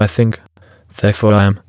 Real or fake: fake